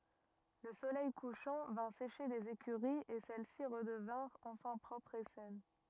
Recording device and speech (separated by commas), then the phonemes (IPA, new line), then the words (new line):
rigid in-ear microphone, read sentence
lə solɛj kuʃɑ̃ vɛ̃ seʃe lez ekyʁiz e sɛlɛsi ʁədəvɛ̃ʁt ɑ̃fɛ̃ pʁɔpʁz e sɛn
Le soleil couchant vint sécher les écuries et celles-ci redevinrent enfin propres et saines.